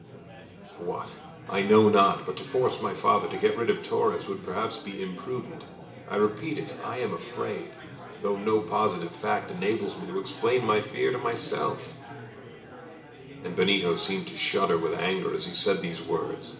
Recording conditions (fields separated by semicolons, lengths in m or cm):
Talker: one person; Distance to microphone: 1.8 m; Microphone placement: close; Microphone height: 1.0 m; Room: large; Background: babble